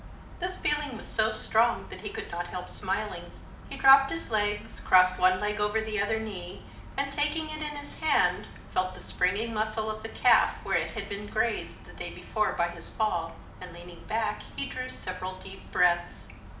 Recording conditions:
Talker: one person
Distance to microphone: 2.0 m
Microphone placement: close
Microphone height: 99 cm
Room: medium-sized (5.7 m by 4.0 m)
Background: none

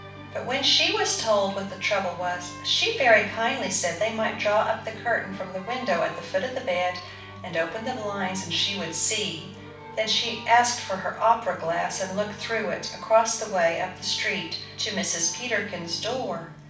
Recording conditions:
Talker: one person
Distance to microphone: 5.8 m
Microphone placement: far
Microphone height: 1.8 m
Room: medium-sized (5.7 m by 4.0 m)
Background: music

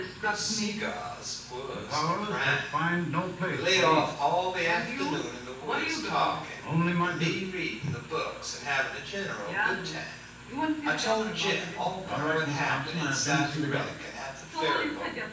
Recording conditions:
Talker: one person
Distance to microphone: 9.8 m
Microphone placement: far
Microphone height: 1.8 m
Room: large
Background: television

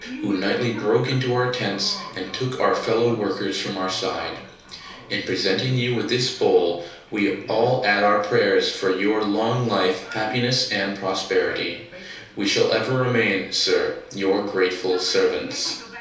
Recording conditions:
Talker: one person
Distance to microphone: 3.0 m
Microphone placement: far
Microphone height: 1.8 m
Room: small (3.7 m by 2.7 m)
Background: television

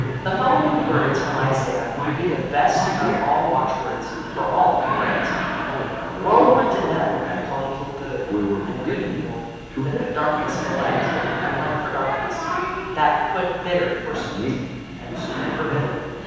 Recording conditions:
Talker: one person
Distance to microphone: 7.1 m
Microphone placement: far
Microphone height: 1.7 m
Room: very reverberant, large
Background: television

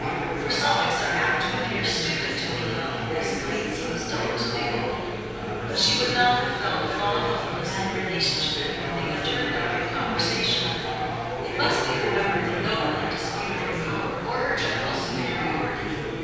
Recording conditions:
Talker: one person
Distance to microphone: 7.1 m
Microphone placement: far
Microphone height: 1.7 m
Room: very reverberant, large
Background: babble

